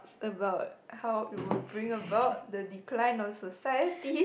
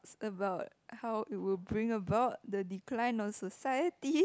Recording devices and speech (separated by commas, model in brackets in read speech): boundary microphone, close-talking microphone, conversation in the same room